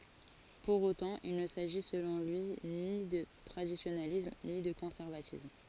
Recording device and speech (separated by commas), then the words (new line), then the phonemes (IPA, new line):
forehead accelerometer, read sentence
Pour autant, il ne s'agit selon lui ni de traditionalisme ni de conservatisme.
puʁ otɑ̃ il nə saʒi səlɔ̃ lyi ni də tʁadisjonalism ni də kɔ̃sɛʁvatism